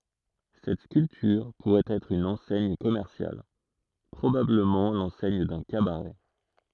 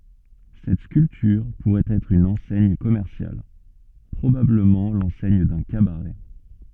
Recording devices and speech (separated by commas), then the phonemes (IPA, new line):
throat microphone, soft in-ear microphone, read sentence
sɛt skyltyʁ puʁɛt ɛtʁ yn ɑ̃sɛɲ kɔmɛʁsjal pʁobabləmɑ̃ lɑ̃sɛɲ dœ̃ kabaʁɛ